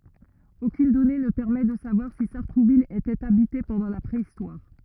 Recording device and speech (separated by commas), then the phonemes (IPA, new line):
rigid in-ear microphone, read sentence
okyn dɔne nə pɛʁmɛ də savwaʁ si saʁtʁuvil etɛt abite pɑ̃dɑ̃ la pʁeistwaʁ